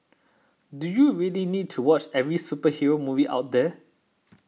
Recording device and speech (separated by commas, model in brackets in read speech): mobile phone (iPhone 6), read sentence